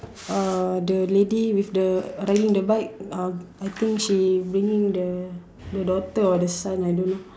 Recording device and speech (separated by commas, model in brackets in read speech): standing microphone, conversation in separate rooms